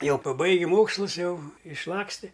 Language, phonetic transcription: Lithuanian, ˈjau paˈbaigi ˈmokslus ˈjau išˈlaksti

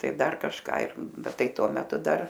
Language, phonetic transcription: Lithuanian, ˈtai ˈdar kažˈką ir ˈbet ˈtai ˈtuo meˈtu ˈdar

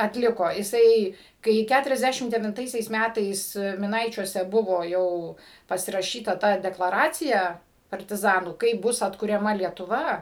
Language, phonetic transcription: Lithuanian, atˈliko iˈsai kai ˌkæturiasˈdæšim devinˈtaisiais ˈmætais miˈnaičiuose ˈbuvo ˈjau pasiraˈšyta ˈta deklaˈracija partiˈzanų ˈkaip ˈbus atkuriaˈma lietuˈva

